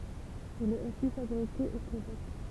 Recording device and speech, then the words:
temple vibration pickup, read sentence
Il est aussi fabriqué au Québec.

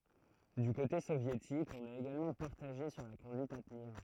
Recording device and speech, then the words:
throat microphone, read sentence
Du côté soviétique, on est également partagé sur la conduite à tenir.

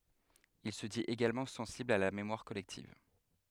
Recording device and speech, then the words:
headset microphone, read sentence
Il se dit également sensible à la mémoire collective.

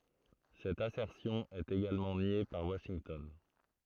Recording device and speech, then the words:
throat microphone, read sentence
Cette assertion est également niée par Washington.

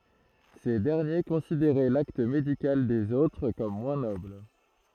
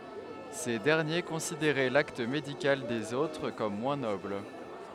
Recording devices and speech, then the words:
throat microphone, headset microphone, read sentence
Ces derniers considéraient l'acte médical des autres comme moins noble.

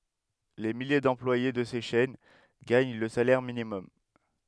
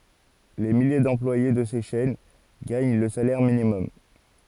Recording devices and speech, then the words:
headset microphone, forehead accelerometer, read sentence
Les milliers d'employés de ces chaînes gagnent le salaire minimum.

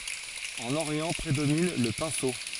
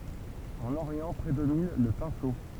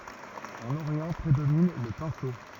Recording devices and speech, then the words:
forehead accelerometer, temple vibration pickup, rigid in-ear microphone, read sentence
En Orient prédomine le pinceau.

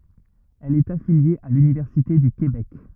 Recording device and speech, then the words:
rigid in-ear microphone, read sentence
Elle est affiliée à l'Université du Québec.

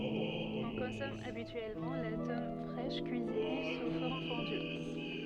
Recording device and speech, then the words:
soft in-ear microphone, read sentence
On consomme habituellement la tome fraîche cuisinée sous forme fondue.

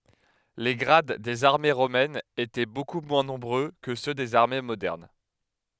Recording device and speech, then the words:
headset microphone, read sentence
Les grades des armées romaines étaient beaucoup moins nombreux que ceux des armées modernes.

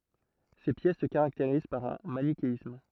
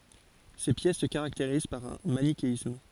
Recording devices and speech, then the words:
throat microphone, forehead accelerometer, read sentence
Ces pièces se caractérisent par un manichéisme.

